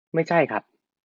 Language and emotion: Thai, neutral